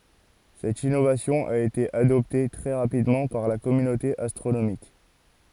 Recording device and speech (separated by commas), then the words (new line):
forehead accelerometer, read sentence
Cette innovation a été adoptée très rapidement par la communauté astronomique.